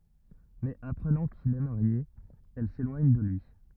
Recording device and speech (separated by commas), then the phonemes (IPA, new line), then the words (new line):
rigid in-ear microphone, read sentence
mɛz apʁənɑ̃ kil ɛ maʁje ɛl selwaɲ də lyi
Mais apprenant qu'il est marié, elle s'éloigne de lui.